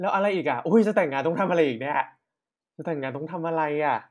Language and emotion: Thai, frustrated